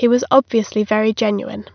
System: none